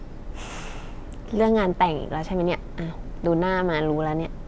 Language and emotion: Thai, frustrated